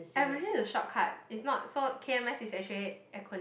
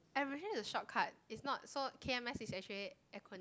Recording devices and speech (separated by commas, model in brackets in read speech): boundary microphone, close-talking microphone, conversation in the same room